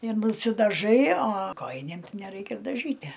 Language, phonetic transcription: Lithuanian, ir nusidaˈžai a ˈkojinėm ˈtai neˈraikia ir daˈžytæ

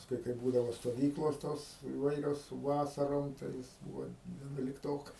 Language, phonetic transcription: Lithuanian, pasˈkui kai ˈbūdavo stoˈvyklos ˈtos iˈvairios ˈvasarom tai ˈjis ˈbūvo vienulikˈtokas

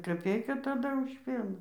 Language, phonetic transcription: Lithuanian, kaˈpeika taˈda už ˈpieną

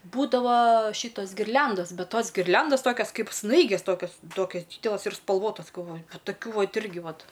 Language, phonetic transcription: Lithuanian, ˈbūdavo ˈšytos girˈliandos ˈbet ˈtos girˈliandos ˈtokios ˈkaip ˈsnaigės ˈtokios ˈtokias ˈdydelas ir spalˈvotas galˈvoju nu taˈkių ˈvat ˈirgi ˈvat

